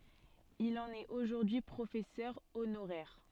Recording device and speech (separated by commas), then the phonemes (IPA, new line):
soft in-ear microphone, read sentence
il ɑ̃n ɛt oʒuʁdyi pʁofɛsœʁ onoʁɛʁ